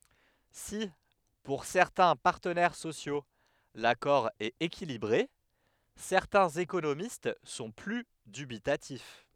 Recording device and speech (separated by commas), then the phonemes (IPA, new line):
headset microphone, read sentence
si puʁ sɛʁtɛ̃ paʁtənɛʁ sosjo lakɔʁ ɛt ekilibʁe sɛʁtɛ̃z ekonomist sɔ̃ ply dybitatif